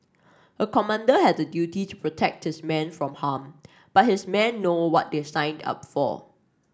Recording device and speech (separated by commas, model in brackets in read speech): standing microphone (AKG C214), read sentence